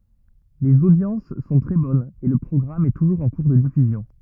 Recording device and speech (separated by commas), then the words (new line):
rigid in-ear microphone, read sentence
Les audiences sont très bonnes et le programme est toujours en cours de diffusion.